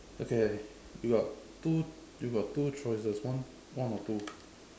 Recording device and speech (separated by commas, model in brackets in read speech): standing microphone, conversation in separate rooms